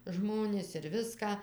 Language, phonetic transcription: Lithuanian, ˈžmonis ir ˈviską

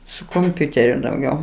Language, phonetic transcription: Lithuanian, su komˈpiuteriu dauˈgiau

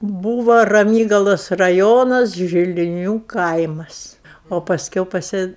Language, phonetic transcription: Lithuanian, ˈbūvo raˈmygalos raˈjonas žiliˈnių ˈkaimas o pasˈkiau paˈsi

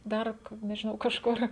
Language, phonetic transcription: Lithuanian, ˈdar k nežiˈnau kažˈkur

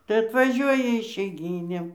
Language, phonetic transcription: Lithuanian, tai atvaˈžiuoja išeiˈgynėm

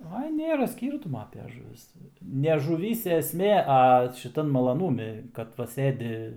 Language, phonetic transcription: Lithuanian, ˈai ˈnėra ˈskyrtumo ape žuˈvis ne žuˈvyse esˈmė a šiˈtan malaˈnūmi kad ˈva ˈsɘdi

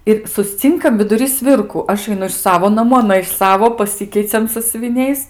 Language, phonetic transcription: Lithuanian, ir susˈcinkam viduˈry ˈsvirku ˈaš aiˈnu iš ˈsavo naˈmų aˈna iš ˈsavo paˈsikeiciam sasiuviˈniais

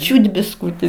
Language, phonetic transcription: Lithuanian, ˈčiūt bisˈkūti

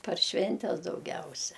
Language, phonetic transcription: Lithuanian, par ˈšventes dauˈgiausia

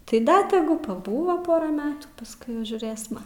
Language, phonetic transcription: Lithuanian, tai ˈda teˈgu paˈbūvo ˈpora ˈmetų pasˈkui jau žiūrėsma

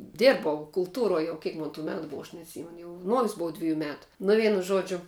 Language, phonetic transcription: Lithuanian, ˈdirbau kulˈtūroj ˈjau ˈkiek mon tų ˈmetu ˈbova aš neatˈsymenu jau ˈnojus ˈbuva ˈdvijų ˈmetu ˈnu ˈvienu ˈžodžiu

